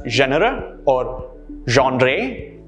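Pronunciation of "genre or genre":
'Genre' is said two ways here, and both pronunciations are incorrect.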